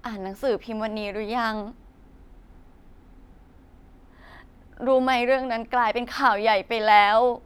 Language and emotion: Thai, sad